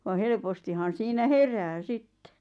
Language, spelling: Finnish, vaan helpostihan siinä herää sitten
- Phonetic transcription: va 'helpostihan siinä "herää "sitte .

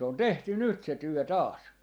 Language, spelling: Finnish, se on tehty nyt se työ taas
- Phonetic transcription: 'se on "tehty 'nyt se "työ 'taas .

